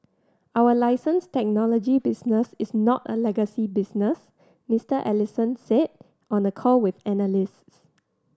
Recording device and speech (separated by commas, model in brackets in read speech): standing microphone (AKG C214), read sentence